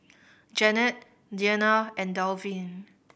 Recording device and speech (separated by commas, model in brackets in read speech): boundary microphone (BM630), read sentence